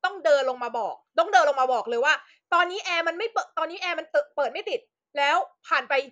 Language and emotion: Thai, angry